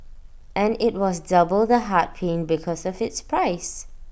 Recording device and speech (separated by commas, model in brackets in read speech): boundary microphone (BM630), read sentence